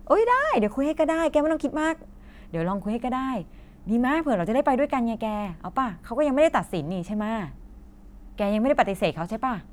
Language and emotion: Thai, happy